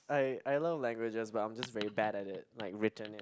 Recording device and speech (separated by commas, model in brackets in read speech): close-talking microphone, conversation in the same room